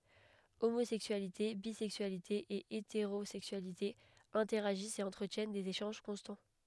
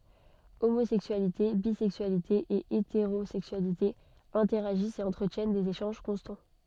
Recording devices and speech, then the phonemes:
headset microphone, soft in-ear microphone, read sentence
omozɛksyalite bizɛksyalite e eteʁozɛksyalite ɛ̃tɛʁaʒist e ɑ̃tʁətjɛn dez eʃɑ̃ʒ kɔ̃stɑ̃

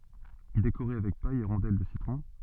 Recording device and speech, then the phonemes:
soft in-ear microphone, read sentence
dekoʁe avɛk paj e ʁɔ̃dɛl də sitʁɔ̃

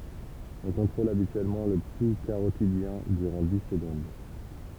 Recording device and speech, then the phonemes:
temple vibration pickup, read sentence
ɔ̃ kɔ̃tʁol abityɛlmɑ̃ lə pu kaʁotidjɛ̃ dyʁɑ̃ di səɡɔ̃d

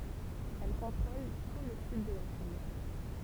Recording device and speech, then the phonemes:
temple vibration pickup, read sentence
ɛl kɔ̃tʁol tu lə syd də la ʃin

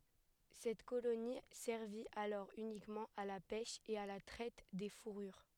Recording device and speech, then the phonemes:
headset microphone, read sentence
sɛt koloni sɛʁvi alɔʁ ynikmɑ̃ a la pɛʃ e a la tʁɛt de fuʁyʁ

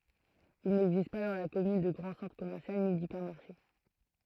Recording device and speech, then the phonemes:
throat microphone, read sentence
il nɛɡzist pa dɑ̃ la kɔmyn də ɡʁɑ̃ sɑ̃tʁ kɔmɛʁsjal ni dipɛʁmaʁʃe

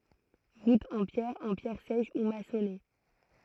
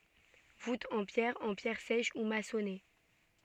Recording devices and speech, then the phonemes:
throat microphone, soft in-ear microphone, read sentence
vutz ɑ̃ pjɛʁ ɑ̃ pjɛʁ sɛʃ u masɔne

